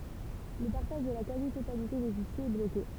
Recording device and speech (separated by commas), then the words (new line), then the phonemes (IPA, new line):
temple vibration pickup, read sentence
Le partage de la quasi-totalité des fichiers est bloqué.
lə paʁtaʒ də la kazi totalite de fiʃjez ɛ bloke